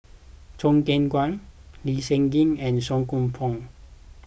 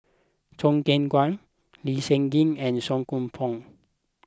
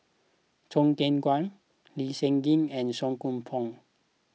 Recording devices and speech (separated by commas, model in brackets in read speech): boundary microphone (BM630), close-talking microphone (WH20), mobile phone (iPhone 6), read sentence